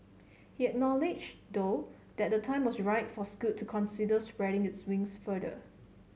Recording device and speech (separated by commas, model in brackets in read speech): mobile phone (Samsung C7), read sentence